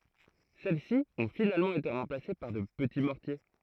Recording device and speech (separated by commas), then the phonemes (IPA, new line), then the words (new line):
throat microphone, read sentence
sɛlɛsi ɔ̃ finalmɑ̃ ete ʁɑ̃plase paʁ də pəti mɔʁtje
Celles-ci ont finalement été remplacées par de petits mortiers.